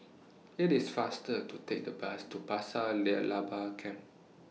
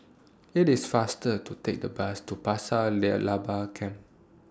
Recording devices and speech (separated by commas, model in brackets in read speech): mobile phone (iPhone 6), standing microphone (AKG C214), read sentence